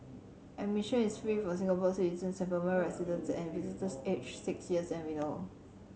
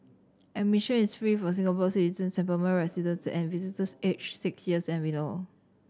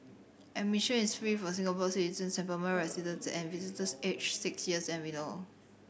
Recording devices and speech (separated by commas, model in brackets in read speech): mobile phone (Samsung C7100), standing microphone (AKG C214), boundary microphone (BM630), read sentence